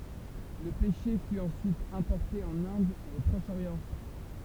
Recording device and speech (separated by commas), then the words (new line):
temple vibration pickup, read sentence
Le pêcher fut ensuite importé en Inde et au Proche-Orient.